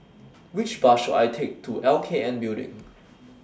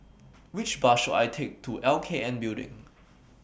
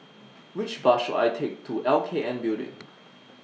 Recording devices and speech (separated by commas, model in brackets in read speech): standing microphone (AKG C214), boundary microphone (BM630), mobile phone (iPhone 6), read sentence